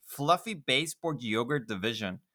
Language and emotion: English, disgusted